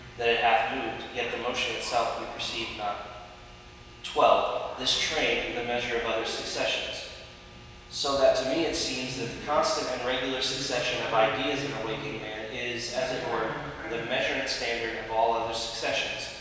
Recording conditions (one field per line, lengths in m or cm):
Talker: one person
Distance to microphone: 1.7 m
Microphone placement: close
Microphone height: 1.0 m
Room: very reverberant, large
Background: television